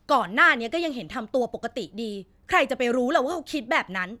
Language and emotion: Thai, angry